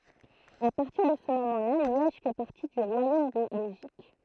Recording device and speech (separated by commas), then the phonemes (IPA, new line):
throat microphone, read sentence
a paʁtiʁ də sə momɑ̃ la ljɛʒ fɛ paʁti dy ʁwajom də bɛlʒik